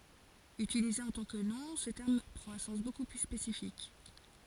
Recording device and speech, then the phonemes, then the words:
forehead accelerometer, read sentence
ytilize ɑ̃ tɑ̃ kə nɔ̃ sə tɛʁm pʁɑ̃t œ̃ sɑ̃s boku ply spesifik
Utilisé en tant que nom, ce terme prend un sens beaucoup plus spécifique.

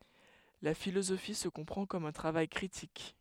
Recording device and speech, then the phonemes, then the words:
headset microphone, read sentence
la filozofi sə kɔ̃pʁɑ̃ kɔm œ̃ tʁavaj kʁitik
La philosophie se comprend comme un travail critique.

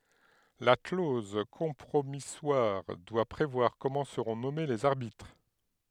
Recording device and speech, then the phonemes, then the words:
headset microphone, read sentence
la kloz kɔ̃pʁomiswaʁ dwa pʁevwaʁ kɔmɑ̃ səʁɔ̃ nɔme lez aʁbitʁ
La clause compromissoire doit prévoir comment seront nommés les arbitres.

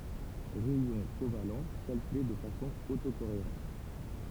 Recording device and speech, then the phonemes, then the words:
temple vibration pickup, read sentence
ʁɛjɔ̃ koval kalkyle də fasɔ̃ oto koeʁɑ̃t
Rayons covalents calculés de façon auto-cohérente.

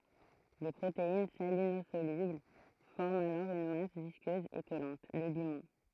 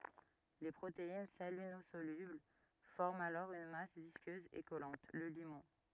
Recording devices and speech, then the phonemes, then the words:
throat microphone, rigid in-ear microphone, read sentence
le pʁotein salinozolybl fɔʁmt alɔʁ yn mas viskøz e kɔlɑ̃t lə limɔ̃
Les protéines salinosolubles forment alors une masse visqueuse et collante, le limon.

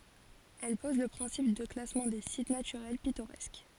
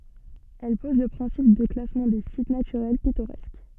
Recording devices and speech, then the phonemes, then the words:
forehead accelerometer, soft in-ear microphone, read sentence
ɛl pɔz lə pʁɛ̃sip də klasmɑ̃ de sit natyʁɛl pitoʁɛsk
Elle pose le principe de classement des sites naturels pittoresques.

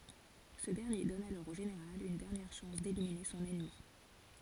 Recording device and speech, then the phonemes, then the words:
forehead accelerometer, read sentence
sə dɛʁnje dɔn alɔʁ o ʒeneʁal yn dɛʁnjɛʁ ʃɑ̃s delimine sɔ̃n ɛnmi
Ce dernier donne alors au Général une dernière chance d'éliminer son ennemi.

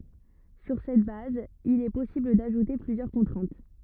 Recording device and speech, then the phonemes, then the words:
rigid in-ear microphone, read sentence
syʁ sɛt baz il ɛ pɔsibl daʒute plyzjœʁ kɔ̃tʁɛ̃t
Sur cette base, il est possible d'ajouter plusieurs contraintes.

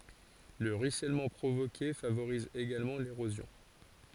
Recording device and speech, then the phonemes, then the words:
forehead accelerometer, read sentence
lə ʁyisɛlmɑ̃ pʁovoke favoʁiz eɡalmɑ̃ leʁozjɔ̃
Le ruissellement provoqué favorise également l'érosion.

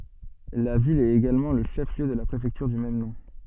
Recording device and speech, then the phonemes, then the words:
soft in-ear microphone, read sentence
la vil ɛt eɡalmɑ̃ lə ʃɛf ljø də la pʁefɛktyʁ dy mɛm nɔ̃
La ville est également le chef-lieu de la préfecture du même nom.

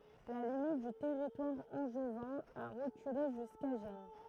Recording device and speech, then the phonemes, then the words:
throat microphone, read sentence
la limit dy tɛʁitwaʁ ɑ̃ʒvɛ̃ a ʁəkyle ʒyska ʒɛn
La limite du territoire angevin a reculé jusqu'à Gennes.

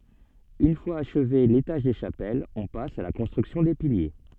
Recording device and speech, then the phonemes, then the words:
soft in-ear microphone, read sentence
yn fwaz aʃve letaʒ de ʃapɛlz ɔ̃ pas a la kɔ̃stʁyksjɔ̃ de pilje
Une fois achevé l’étage des chapelles, on passe à la construction des piliers.

